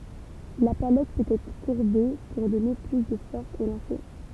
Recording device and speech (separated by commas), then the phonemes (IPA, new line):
temple vibration pickup, read sentence
la palɛt pøt ɛtʁ kuʁbe puʁ dɔne ply də fɔʁs o lɑ̃se